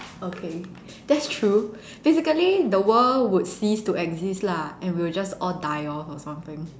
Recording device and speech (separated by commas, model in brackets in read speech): standing microphone, conversation in separate rooms